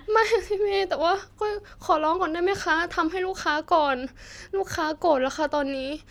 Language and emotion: Thai, sad